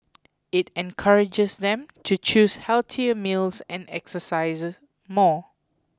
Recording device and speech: close-talking microphone (WH20), read sentence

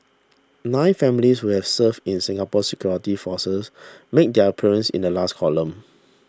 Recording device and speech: standing microphone (AKG C214), read sentence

